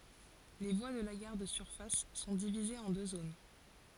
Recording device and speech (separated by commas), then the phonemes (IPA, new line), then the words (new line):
forehead accelerometer, read sentence
le vwa də la ɡaʁ də syʁfas sɔ̃ divizez ɑ̃ dø zon
Les voies de la gare de surface sont divisées en deux zones.